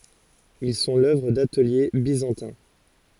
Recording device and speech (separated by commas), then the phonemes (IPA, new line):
forehead accelerometer, read sentence
il sɔ̃ lœvʁ datəlje bizɑ̃tɛ̃